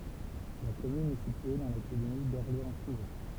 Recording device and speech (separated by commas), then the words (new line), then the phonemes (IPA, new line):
temple vibration pickup, read sentence
La commune est située dans l'académie d'Orléans-Tours.
la kɔmyn ɛ sitye dɑ̃ lakademi dɔʁleɑ̃stuʁ